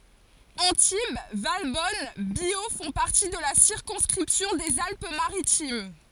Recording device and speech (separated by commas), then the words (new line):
forehead accelerometer, read sentence
Antibes, Valbonne, Biot font partie de la circonscription des Alpes Maritimes.